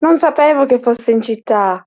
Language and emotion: Italian, surprised